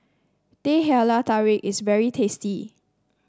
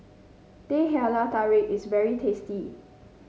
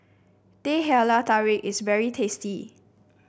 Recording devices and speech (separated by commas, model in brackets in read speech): standing microphone (AKG C214), mobile phone (Samsung C5), boundary microphone (BM630), read sentence